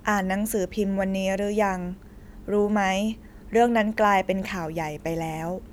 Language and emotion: Thai, neutral